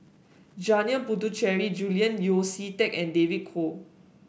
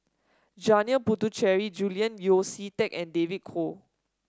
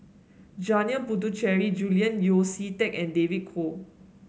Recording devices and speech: boundary microphone (BM630), standing microphone (AKG C214), mobile phone (Samsung S8), read sentence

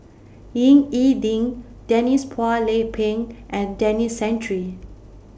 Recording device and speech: boundary microphone (BM630), read sentence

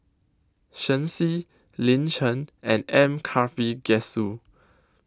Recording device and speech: close-talking microphone (WH20), read sentence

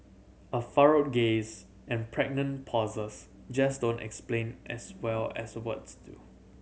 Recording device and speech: mobile phone (Samsung C7100), read sentence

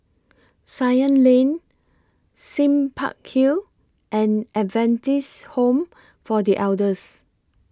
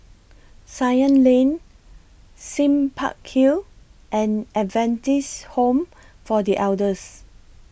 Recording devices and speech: close-talking microphone (WH20), boundary microphone (BM630), read sentence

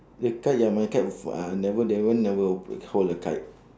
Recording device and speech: standing microphone, conversation in separate rooms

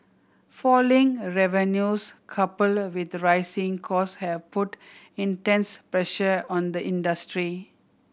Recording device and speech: boundary microphone (BM630), read sentence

